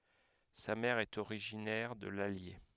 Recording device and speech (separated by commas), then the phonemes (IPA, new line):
headset microphone, read sentence
sa mɛʁ ɛt oʁiʒinɛʁ də lalje